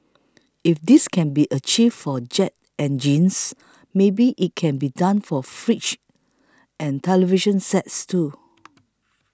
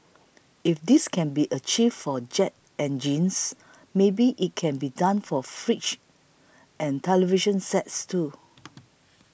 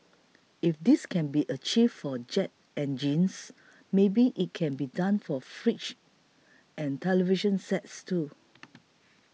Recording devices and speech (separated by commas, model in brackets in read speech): close-talking microphone (WH20), boundary microphone (BM630), mobile phone (iPhone 6), read sentence